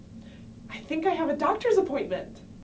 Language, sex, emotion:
English
female
happy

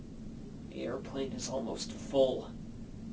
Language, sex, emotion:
English
male
disgusted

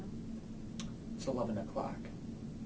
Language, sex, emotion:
English
male
neutral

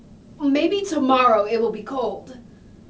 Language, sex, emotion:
English
female
neutral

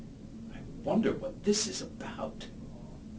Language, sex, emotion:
English
male
neutral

